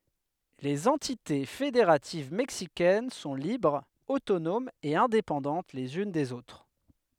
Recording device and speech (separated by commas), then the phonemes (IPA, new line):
headset microphone, read sentence
lez ɑ̃tite fedeʁativ mɛksikɛn sɔ̃ libʁz otonomz e ɛ̃depɑ̃dɑ̃t lez yn dez otʁ